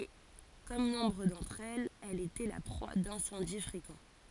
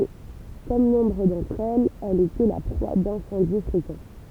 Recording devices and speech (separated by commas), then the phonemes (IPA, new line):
forehead accelerometer, temple vibration pickup, read sentence
e kɔm nɔ̃bʁ dɑ̃tʁ ɛlz ɛl etɛ la pʁwa dɛ̃sɑ̃di fʁekɑ̃